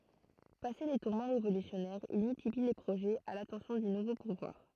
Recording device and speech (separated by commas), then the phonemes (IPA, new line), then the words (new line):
throat microphone, read sentence
pase le tuʁmɑ̃ ʁevolysjɔnɛʁz il myltipli le pʁoʒɛz a latɑ̃sjɔ̃ dy nuvo puvwaʁ
Passés les tourments révolutionnaires, il multiplie les projets à l'attention du nouveau pouvoir.